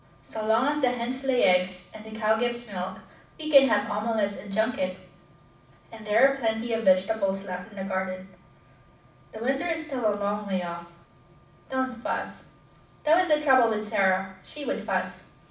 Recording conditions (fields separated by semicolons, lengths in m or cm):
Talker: one person; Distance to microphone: 5.8 m; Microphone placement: far; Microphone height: 1.8 m; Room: medium-sized (5.7 m by 4.0 m); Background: none